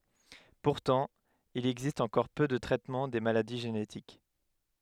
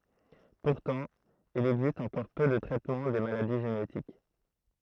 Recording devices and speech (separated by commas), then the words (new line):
headset microphone, throat microphone, read sentence
Pourtant, il existe encore peu de traitement des maladies génétiques.